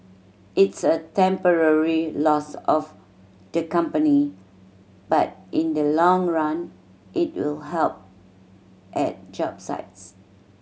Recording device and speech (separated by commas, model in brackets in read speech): mobile phone (Samsung C7100), read sentence